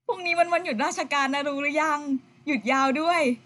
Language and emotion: Thai, happy